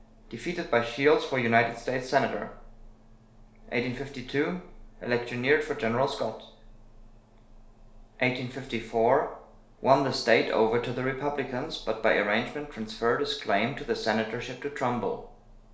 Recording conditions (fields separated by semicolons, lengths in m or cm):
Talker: one person; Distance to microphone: 1.0 m; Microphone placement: close; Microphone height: 1.1 m; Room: small (3.7 m by 2.7 m); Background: none